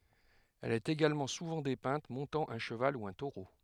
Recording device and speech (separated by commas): headset microphone, read sentence